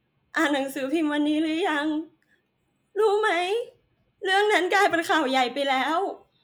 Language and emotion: Thai, sad